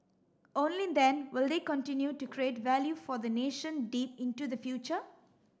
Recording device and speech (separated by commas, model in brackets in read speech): standing microphone (AKG C214), read sentence